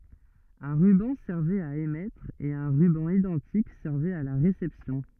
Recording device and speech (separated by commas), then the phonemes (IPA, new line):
rigid in-ear microphone, read sentence
œ̃ ʁybɑ̃ sɛʁvɛt a emɛtʁ e œ̃ ʁybɑ̃ idɑ̃tik sɛʁvɛt a la ʁesɛpsjɔ̃